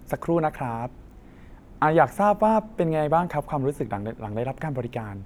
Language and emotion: Thai, happy